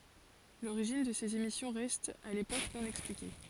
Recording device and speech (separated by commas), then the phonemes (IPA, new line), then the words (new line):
forehead accelerometer, read sentence
loʁiʒin də sez emisjɔ̃ ʁɛst a lepok nɔ̃ ɛksplike
L'origine de ces émissions reste à l'époque non expliquée.